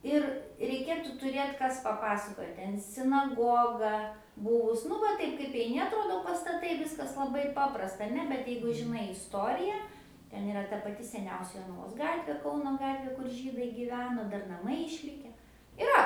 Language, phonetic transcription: Lithuanian, ˈir reiˈkėtu tuˈrėt ˈkas paˈpasakoja ˈten sinaˈgoga ˈbuvus nu ˈva ˈtaip kaip eiˈni atˈrodo pastaˈtai ˈviskas laˈbai ˈpaprasta aˈne bet ˈjeigu žiˈnai isˈtorija ˈten iˈra ta paˈti seˈniausia jonaˈvos ˈgatvė ˈkauno ˈgatvė kur ˈžydai gyˈveno ˈdar naˈmai išˈlike iˈra

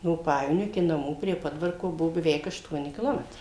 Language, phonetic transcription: Lithuanian, no ˈpajevonio iki naˈmų prie ˈpodvarko ˈbuo beˈveik ašˈtuoni kiˈlometrai

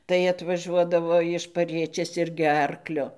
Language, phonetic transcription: Lithuanian, tai atvaˈžuodavo iš paˈriečės ˈirgi ˈarkliu

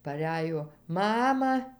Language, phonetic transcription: Lithuanian, paˈræjo ˈmama

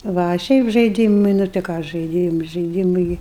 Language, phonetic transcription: Lithuanian, ˈva a ˈšiaip žaiˈdymɨi nu tai ˈką žaiˈdym žaiˈdymɨi

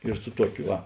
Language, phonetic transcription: Lithuanian, ir su ˈtuokiu ˈva

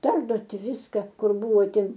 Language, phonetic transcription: Lithuanian, ˈperduoti ˈviska ˈkur ˈbuvo ˈtin

